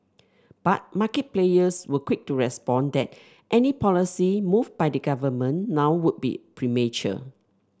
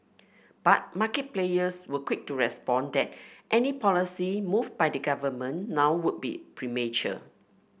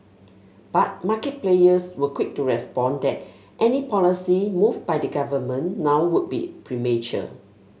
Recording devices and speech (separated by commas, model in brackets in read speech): standing microphone (AKG C214), boundary microphone (BM630), mobile phone (Samsung S8), read sentence